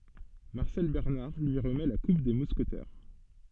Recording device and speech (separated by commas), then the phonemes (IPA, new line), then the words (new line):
soft in-ear microphone, read sentence
maʁsɛl bɛʁnaʁ lyi ʁəmɛ la kup de muskətɛʁ
Marcel Bernard lui remet la coupe des Mousquetaires.